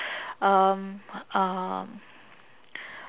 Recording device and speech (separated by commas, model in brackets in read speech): telephone, conversation in separate rooms